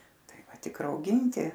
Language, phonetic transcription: Lithuanian, ˈtai ˈva ˈtik rauˈginti

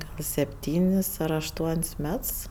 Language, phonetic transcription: Lithuanian, gal sepˈtynis ar ašˈtuon's' ˈmets

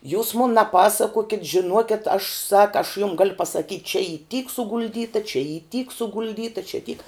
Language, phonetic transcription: Lithuanian, jūs mun neˈpasakuokit žiˈnuokiat aš sak aš jum gal pasaˈkyt' čia y tyk sugulˈdyta čia y tyk sugulˈdyta čia tyk

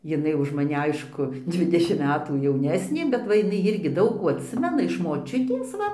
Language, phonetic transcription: Lithuanian, jiˈnai už maˈni ˈaišku ˈdvidešimt ˈmetų jauˈnesnė bet ˈva jiˈnai ˈirgi ˈdaug kų atˈsimena iš moˈčiutės ˈva

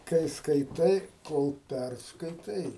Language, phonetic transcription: Lithuanian, kai skaiˈtai ˈkol ˈpærskaitai

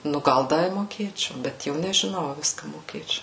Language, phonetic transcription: Lithuanian, nu ˈgal ˈda i moˈkėčiau bet ˈjau nežiˈnau a ˈviska moˈkėčiau

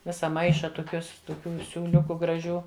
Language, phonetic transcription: Lithuanian, ˈvisa ˈmaiša toˈkiuos toˈkių siūˈliuku graˈžių

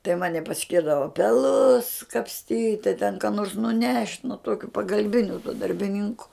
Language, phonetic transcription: Lithuanian, tai ˈmani paˈskirdava peˈlus kapsˈtyt' tai ten ką nors nuˈnešt' nu ˈtuokiu pagalˈbiniu tuo darbiˈninku

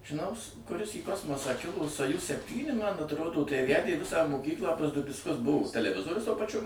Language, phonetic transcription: Lithuanian, žiˈnaus kuˈris į ˈkosmosą ˈkilo soˈjuz sepˈtyni man atˈrodo tai ˈvædė ˈvisą moˈkyklą ˈviskas ˈbuvo teleˈvizorius tuo paˈčiu

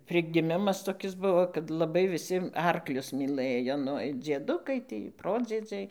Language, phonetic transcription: Lithuanian, prigiˈmimas toˈkis ˈbuvo kad laˈbai viˈsi ˈarklius myˈlɘjo ˈnu ir dzieˈdukai ˈtį ˈprodziedziai

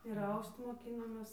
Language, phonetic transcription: Lithuanian, ir ˈaust moˈkynomės

